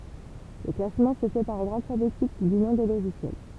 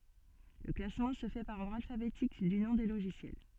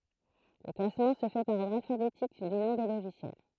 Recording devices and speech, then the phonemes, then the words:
temple vibration pickup, soft in-ear microphone, throat microphone, read sentence
lə klasmɑ̃ sə fɛ paʁ ɔʁdʁ alfabetik dy nɔ̃ de loʒisjɛl
Le classement se fait par ordre alphabétique du nom des logiciels.

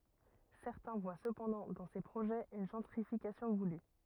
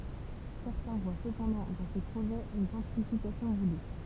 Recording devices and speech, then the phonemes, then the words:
rigid in-ear microphone, temple vibration pickup, read sentence
sɛʁtɛ̃ vwa səpɑ̃dɑ̃ dɑ̃ se pʁoʒɛz yn ʒɑ̃tʁifikasjɔ̃ vuly
Certains voient cependant dans ces projets une gentrification voulue.

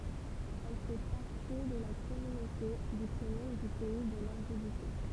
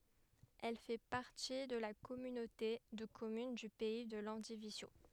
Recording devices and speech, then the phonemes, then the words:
temple vibration pickup, headset microphone, read sentence
ɛl fɛ paʁti də la kɔmynote də kɔmyn dy pɛi də lɑ̃divizjo
Elle fait partie de la communauté de communes du Pays de Landivisiau.

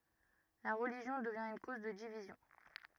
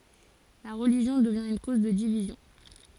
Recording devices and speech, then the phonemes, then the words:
rigid in-ear microphone, forehead accelerometer, read sentence
la ʁəliʒjɔ̃ dəvjɛ̃ yn koz də divizjɔ̃
La religion devient une cause de division.

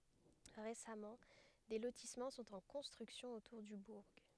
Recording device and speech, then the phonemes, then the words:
headset microphone, read sentence
ʁesamɑ̃ de lotismɑ̃ sɔ̃t ɑ̃ kɔ̃stʁyksjɔ̃ otuʁ dy buʁ
Récemment, des lotissements sont en construction autour du bourg.

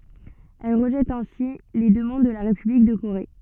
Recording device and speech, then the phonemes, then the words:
soft in-ear microphone, read sentence
ɛl ʁəʒɛt ɛ̃si le dəmɑ̃d də la ʁepyblik də koʁe
Elle rejette ainsi les demandes de la République de Corée.

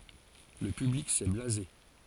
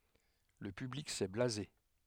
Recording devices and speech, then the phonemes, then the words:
forehead accelerometer, headset microphone, read sentence
lə pyblik sɛ blaze
Le public s'est blasé.

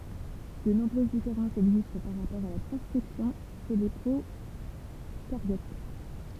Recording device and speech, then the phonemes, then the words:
temple vibration pickup, read sentence
də nɔ̃bʁøz difeʁɑ̃sz ɛɡzist paʁ ʁapɔʁ a la tʁɑ̃skʁipsjɔ̃ ʃe le pʁokaʁjot
De nombreuses différences existent par rapport à la transcription chez les procaryotes.

